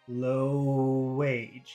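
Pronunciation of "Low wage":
'Low wage' is said very short here, so it is hard to understand.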